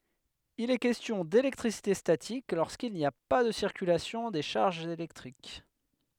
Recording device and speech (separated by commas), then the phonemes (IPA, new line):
headset microphone, read sentence
il ɛ kɛstjɔ̃ delɛktʁisite statik loʁskil ni a pa də siʁkylasjɔ̃ de ʃaʁʒz elɛktʁik